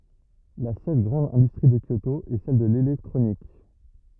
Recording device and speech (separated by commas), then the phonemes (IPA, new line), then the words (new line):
rigid in-ear microphone, read sentence
la sœl ɡʁɑ̃d ɛ̃dystʁi də kjoto ɛ sɛl də lelɛktʁonik
La seule grande industrie de Kyoto est celle de l'électronique.